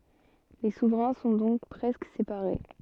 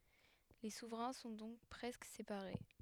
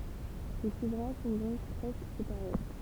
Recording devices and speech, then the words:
soft in-ear microphone, headset microphone, temple vibration pickup, read sentence
Les souverains sont donc presque séparés.

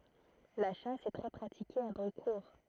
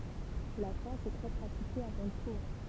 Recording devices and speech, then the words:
throat microphone, temple vibration pickup, read sentence
La chasse est très pratiquée à Brucourt.

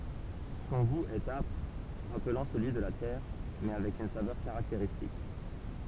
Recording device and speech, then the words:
temple vibration pickup, read sentence
Son goût est âpre, rappelant celui de la terre, mais avec une saveur caractéristique.

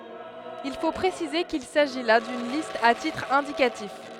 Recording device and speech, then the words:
headset microphone, read sentence
Il faut préciser qu'il s'agit là d'une liste à titre indicatif.

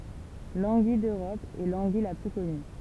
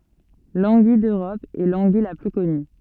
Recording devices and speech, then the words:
temple vibration pickup, soft in-ear microphone, read sentence
L'anguille d'Europe est l'anguille la plus connue.

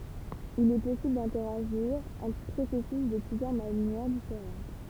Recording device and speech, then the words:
temple vibration pickup, read sentence
Il est possible d’interagir entre processus de plusieurs manières différentes.

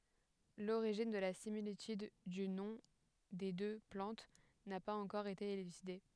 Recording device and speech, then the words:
headset microphone, read sentence
L'origine de la similitude du nom des deux plantes n'a pas encore été élucidée.

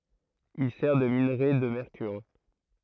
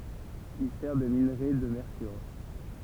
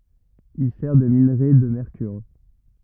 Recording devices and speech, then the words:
throat microphone, temple vibration pickup, rigid in-ear microphone, read sentence
Il sert de minerai de mercure.

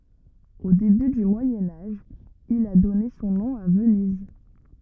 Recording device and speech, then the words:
rigid in-ear microphone, read sentence
Au début du Moyen Âge, il a donné son nom à Venise.

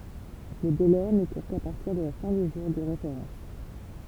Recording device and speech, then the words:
temple vibration pickup, read sentence
Le délai ne court qu'à partir de la fin du jour de référence.

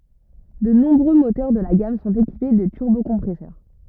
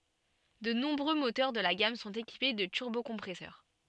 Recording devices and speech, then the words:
rigid in-ear microphone, soft in-ear microphone, read sentence
De nombreux moteurs de la gamme sont équipés de turbocompresseur.

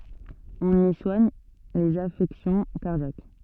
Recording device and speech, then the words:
soft in-ear microphone, read sentence
On y soigne les affections cardiaques.

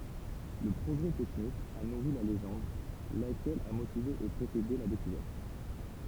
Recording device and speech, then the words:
temple vibration pickup, read sentence
Le progrès technique a nourri la légende, laquelle a motivé et précédé la découverte.

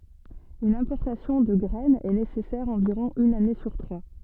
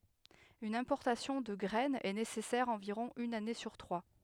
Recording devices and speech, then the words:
soft in-ear microphone, headset microphone, read sentence
Une importation de graine est nécessaire environ une année sur trois.

